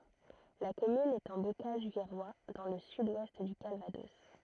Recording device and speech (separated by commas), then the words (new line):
throat microphone, read sentence
La commune est en Bocage virois, dans le sud-ouest du Calvados.